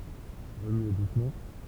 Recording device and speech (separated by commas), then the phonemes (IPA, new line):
temple vibration pickup, read sentence
ʁəmye dusmɑ̃